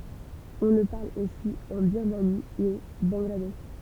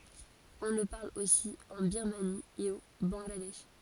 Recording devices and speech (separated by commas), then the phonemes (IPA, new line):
temple vibration pickup, forehead accelerometer, read sentence
ɔ̃ lə paʁl osi ɑ̃ biʁmani e o bɑ̃ɡladɛʃ